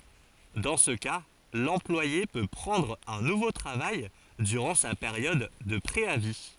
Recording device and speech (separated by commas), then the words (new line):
forehead accelerometer, read sentence
Dans ce cas, l'employé peut prendre un nouveau travail durant sa période de préavis.